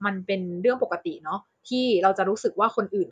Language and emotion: Thai, neutral